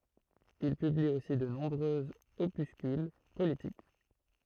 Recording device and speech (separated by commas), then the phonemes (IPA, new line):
throat microphone, read sentence
il pybli osi də nɔ̃bʁøz opyskyl politik